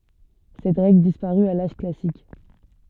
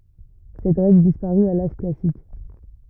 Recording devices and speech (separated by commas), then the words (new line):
soft in-ear microphone, rigid in-ear microphone, read sentence
Cette règle disparut à l'âge classique.